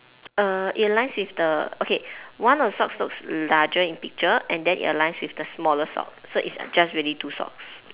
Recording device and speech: telephone, conversation in separate rooms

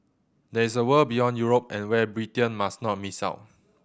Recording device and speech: boundary microphone (BM630), read sentence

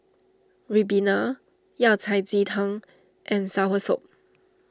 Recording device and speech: standing microphone (AKG C214), read sentence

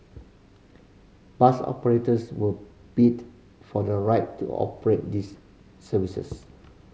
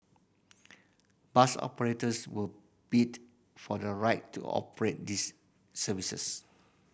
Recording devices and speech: mobile phone (Samsung C5010), boundary microphone (BM630), read sentence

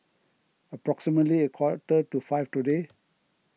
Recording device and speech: mobile phone (iPhone 6), read sentence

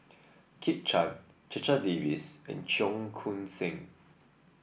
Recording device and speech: boundary microphone (BM630), read sentence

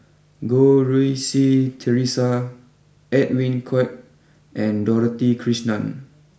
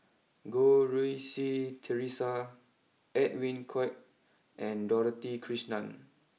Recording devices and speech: boundary microphone (BM630), mobile phone (iPhone 6), read sentence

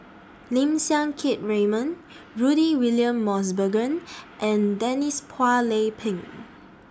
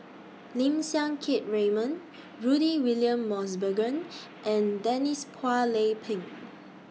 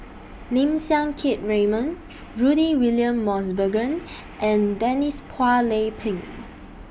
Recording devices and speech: standing microphone (AKG C214), mobile phone (iPhone 6), boundary microphone (BM630), read sentence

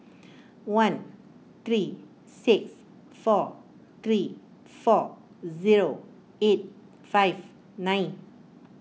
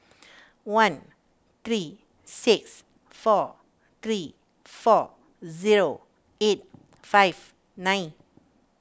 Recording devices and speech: mobile phone (iPhone 6), standing microphone (AKG C214), read sentence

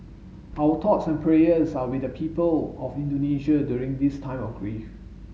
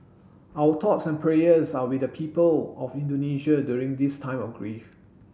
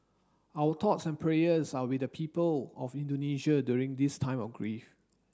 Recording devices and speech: mobile phone (Samsung S8), boundary microphone (BM630), standing microphone (AKG C214), read sentence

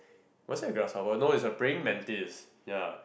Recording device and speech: boundary microphone, conversation in the same room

